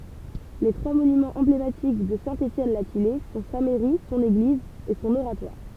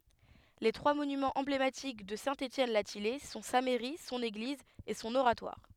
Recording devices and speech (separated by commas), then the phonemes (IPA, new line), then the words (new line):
temple vibration pickup, headset microphone, read sentence
le tʁwa monymɑ̃z ɑ̃blematik də sɛ̃ etjɛn la tijɛj sɔ̃ sa mɛʁi sɔ̃n eɡliz e sɔ̃n oʁatwaʁ
Les trois monuments emblématiques de Saint-Étienne-la-Thillaye sont sa mairie, son église et son oratoire.